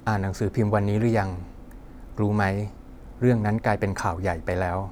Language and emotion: Thai, neutral